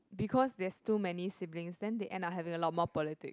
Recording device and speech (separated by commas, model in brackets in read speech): close-talking microphone, conversation in the same room